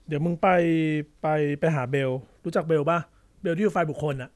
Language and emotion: Thai, neutral